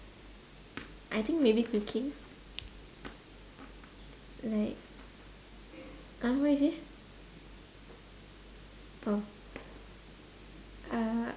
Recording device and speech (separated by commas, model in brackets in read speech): standing microphone, conversation in separate rooms